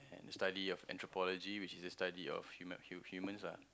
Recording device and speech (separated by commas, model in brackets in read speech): close-talking microphone, conversation in the same room